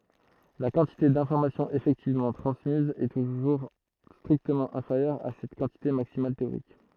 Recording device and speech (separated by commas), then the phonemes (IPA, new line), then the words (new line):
throat microphone, read sentence
la kɑ̃tite dɛ̃fɔʁmasjɔ̃z efɛktivmɑ̃ tʁɑ̃smiz ɛ tuʒuʁ stʁiktəmɑ̃ ɛ̃feʁjœʁ a sɛt kɑ̃tite maksimal teoʁik
La quantité d'informations effectivement transmise est toujours strictement inférieure à cette quantité maximale théorique.